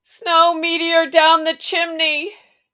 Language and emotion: English, fearful